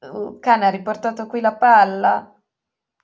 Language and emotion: Italian, sad